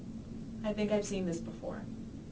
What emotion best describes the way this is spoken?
neutral